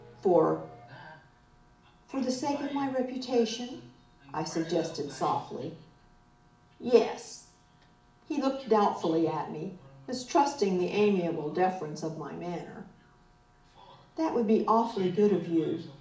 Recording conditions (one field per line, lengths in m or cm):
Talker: one person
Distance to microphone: 2.0 m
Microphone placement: close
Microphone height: 99 cm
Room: medium-sized (5.7 m by 4.0 m)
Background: television